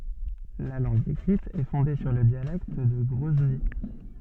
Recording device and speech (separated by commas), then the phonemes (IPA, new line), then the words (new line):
soft in-ear microphone, read sentence
la lɑ̃ɡ ekʁit ɛ fɔ̃de syʁ lə djalɛkt də ɡʁɔzni
La langue écrite est fondée sur le dialecte de Grozny.